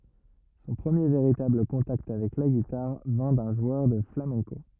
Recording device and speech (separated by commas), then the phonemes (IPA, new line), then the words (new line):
rigid in-ear microphone, read sentence
sɔ̃ pʁəmje veʁitabl kɔ̃takt avɛk la ɡitaʁ vɛ̃ dœ̃ ʒwœʁ də flamɛ̃ko
Son premier véritable contact avec la guitare vint d'un joueur de flamenco.